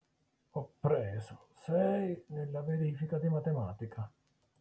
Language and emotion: Italian, neutral